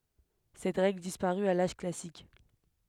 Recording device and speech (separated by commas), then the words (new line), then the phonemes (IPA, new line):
headset microphone, read sentence
Cette règle disparut à l'âge classique.
sɛt ʁɛɡl dispaʁy a laʒ klasik